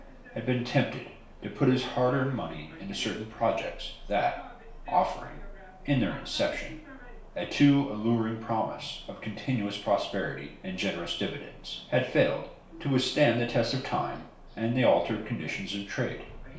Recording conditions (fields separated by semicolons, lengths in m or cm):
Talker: one person; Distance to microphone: 1.0 m; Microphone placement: close; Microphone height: 1.1 m; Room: small (3.7 m by 2.7 m); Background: television